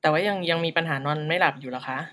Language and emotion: Thai, neutral